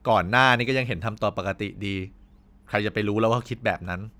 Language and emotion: Thai, frustrated